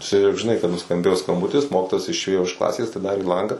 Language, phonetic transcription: Lithuanian, ˈčia jau žiˈnai kad nuskamˈbėjo skamˈbutis ˈmokitojas išˈėjo iš ˈklasės atiˈdarė ˈlangą

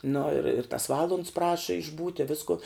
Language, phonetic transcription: Lithuanian, nu ir ir tas ˈvalunds ˈpraša išˈbūti ˈvisku

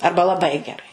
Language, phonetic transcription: Lithuanian, ˈarba laˈbai geˈrai

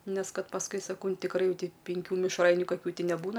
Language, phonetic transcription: Lithuanian, ˈnes ˈkad pasˈkui saˈkau ˈnu tikˈrai ˈjau ˈti penˈkių mišˈrainiu kaˈkių neˈbūna

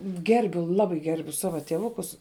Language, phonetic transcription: Lithuanian, ˈgerbiu ˈlabai ˈgerbiu ˈsava tieˈvukus

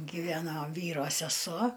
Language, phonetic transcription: Lithuanian, giˈveno ˈvyro seˈsuo

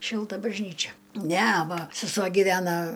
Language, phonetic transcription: Lithuanian, ˈšilta bažˈnyčia ˈne ˈva seˈsuo gyˈvena

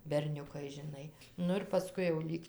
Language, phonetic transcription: Lithuanian, berˈniukai žiˈnai ˈnu ir paˈskui jau ˈlyg

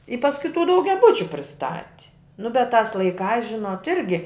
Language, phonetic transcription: Lithuanian, i pasˈkui tų daugiaˈbučiu priˈstati nu bet tās laiˈkās ˈžinot ˈirgi

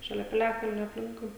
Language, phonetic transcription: Lithuanian, šaˈlia piˈliakalnio apˈlinkui

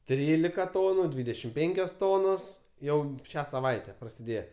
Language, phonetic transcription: Lithuanian, ˈtrylika ˈtonu ˈdvydešim ˈpenkios tonos ˈjau ˈšią saˈvaite prasiˈdėje

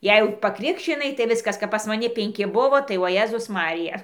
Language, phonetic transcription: Lithuanian, ˈjei jau paˈkrikščinai tai ˈviskas kap pas maˈni penˈki ˈbuvo tai o ˈjėzus ˈmarija

